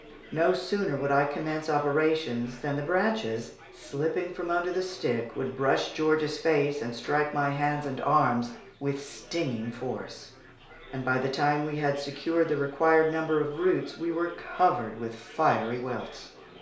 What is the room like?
A small room.